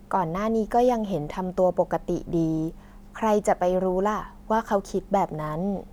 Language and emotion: Thai, neutral